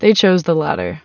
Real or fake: real